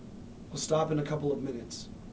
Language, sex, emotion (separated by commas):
English, male, neutral